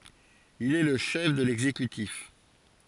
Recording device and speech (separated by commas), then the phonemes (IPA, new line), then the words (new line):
forehead accelerometer, read sentence
il ɛ lə ʃɛf də lɛɡzekytif
Il est le chef de l'exécutif.